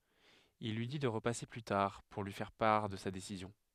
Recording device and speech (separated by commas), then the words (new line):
headset microphone, read sentence
Il lui dit de repasser plus tard pour lui faire part de sa décision.